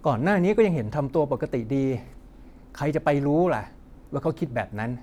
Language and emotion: Thai, frustrated